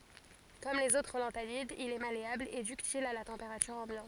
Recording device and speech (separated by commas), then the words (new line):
forehead accelerometer, read sentence
Comme les autres lanthanides, il est malléable et ductile à la température ambiante.